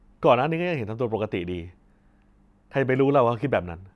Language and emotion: Thai, frustrated